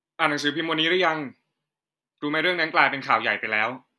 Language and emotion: Thai, neutral